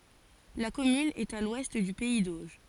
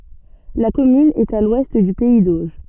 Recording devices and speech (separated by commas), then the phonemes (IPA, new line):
forehead accelerometer, soft in-ear microphone, read sentence
la kɔmyn ɛt a lwɛst dy pɛi doʒ